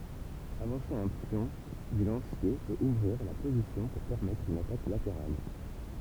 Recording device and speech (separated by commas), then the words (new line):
temple vibration pickup, read sentence
Avancer un pion du lancier peut ouvrir la position pour permettre une attaque latérale.